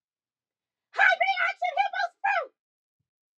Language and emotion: English, neutral